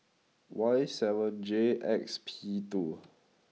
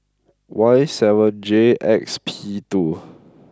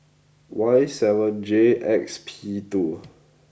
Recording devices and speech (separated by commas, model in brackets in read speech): mobile phone (iPhone 6), close-talking microphone (WH20), boundary microphone (BM630), read sentence